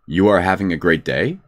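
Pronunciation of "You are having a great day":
The voice goes up at the end of 'You are having a great day', which turns the statement into a question.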